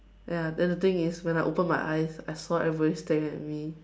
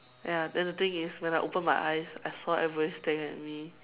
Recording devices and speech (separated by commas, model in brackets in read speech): standing microphone, telephone, conversation in separate rooms